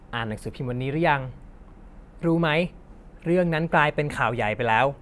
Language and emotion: Thai, neutral